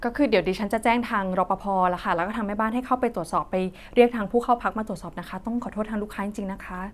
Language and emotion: Thai, neutral